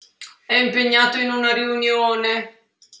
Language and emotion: Italian, sad